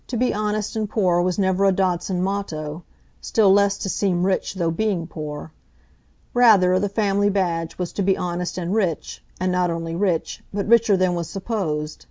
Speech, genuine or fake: genuine